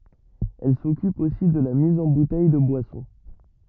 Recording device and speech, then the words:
rigid in-ear microphone, read sentence
Elle s'occupe aussi de la mise en bouteilles de boissons.

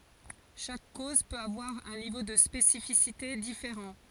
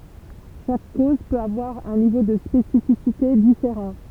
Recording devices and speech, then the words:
forehead accelerometer, temple vibration pickup, read sentence
Chaque cause peut avoir un niveau de spécificité différent.

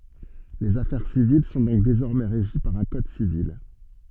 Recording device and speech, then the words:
soft in-ear microphone, read sentence
Les affaires civiles sont donc désormais régies par un Code Civil.

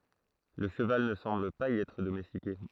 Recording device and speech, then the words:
throat microphone, read sentence
Le cheval ne semble pas y être domestiqué.

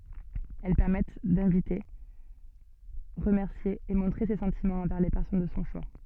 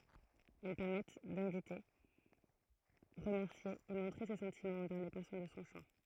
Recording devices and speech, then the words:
soft in-ear microphone, throat microphone, read sentence
Elles permettent d'inviter, remercier et montrer ses sentiments envers les personnes de son choix.

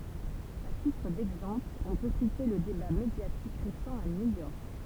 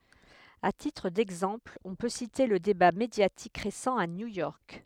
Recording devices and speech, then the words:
temple vibration pickup, headset microphone, read sentence
À titre d’exemple, on peut citer le débat médiatique récent à New York.

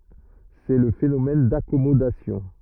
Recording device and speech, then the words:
rigid in-ear microphone, read sentence
C'est le phénomène d'accommodation.

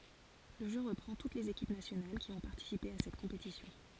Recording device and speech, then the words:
forehead accelerometer, read sentence
Le jeu reprend toutes les équipes nationales qui ont participé à cette compétition.

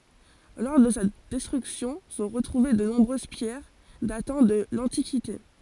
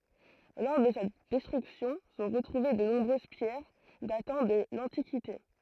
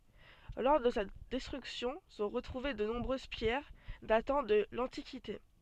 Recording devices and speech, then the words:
forehead accelerometer, throat microphone, soft in-ear microphone, read sentence
Lors de sa destruction sont retrouvées de nombreuses pierres datant de l'antiquité.

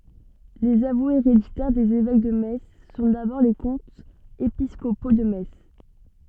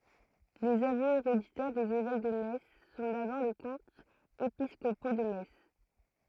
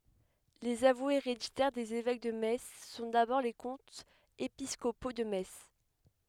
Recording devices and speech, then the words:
soft in-ear microphone, throat microphone, headset microphone, read sentence
Les avoués héréditaires des évêques de Metz sont d’abord les comtes épiscopaux de Metz.

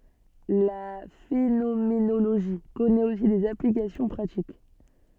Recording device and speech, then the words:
soft in-ear microphone, read sentence
La phénoménologie connaît aussi des applications pratiques.

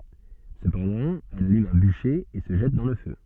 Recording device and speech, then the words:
soft in-ear microphone, read sentence
Cependant, elle allume un bûcher et se jette dans le feu.

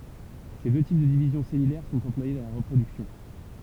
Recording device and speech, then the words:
temple vibration pickup, read sentence
Ces deux types de division cellulaire sont employés dans la reproduction.

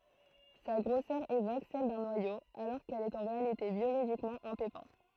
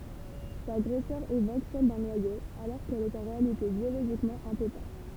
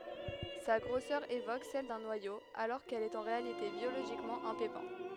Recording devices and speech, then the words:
throat microphone, temple vibration pickup, headset microphone, read sentence
Sa grosseur évoque celle d'un noyau, alors qu'elle est en réalité biologiquement un pépin.

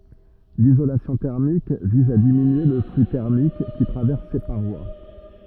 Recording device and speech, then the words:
rigid in-ear microphone, read sentence
L'isolation thermique vise à diminuer le flux thermique qui traverse ses parois.

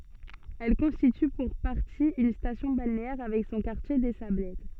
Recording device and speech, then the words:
soft in-ear microphone, read sentence
Elle constitue pour partie une station balnéaire avec son quartier des Sablettes.

